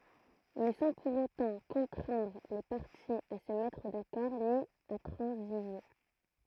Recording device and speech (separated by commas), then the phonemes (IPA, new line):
throat microphone, read sentence
mɛ sɑ̃ puʁ otɑ̃ kɔ̃tʁɛ̃dʁ le paʁtiz a sə mɛtʁ dakɔʁ ni a tʁɑ̃ziʒe